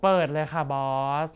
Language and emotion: Thai, frustrated